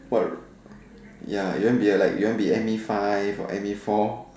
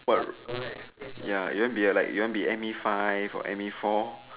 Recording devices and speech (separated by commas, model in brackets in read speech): standing microphone, telephone, conversation in separate rooms